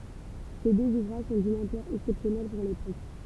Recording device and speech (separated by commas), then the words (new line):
temple vibration pickup, read sentence
Ces deux ouvrages sont d'une ampleur exceptionnelle pour l'époque.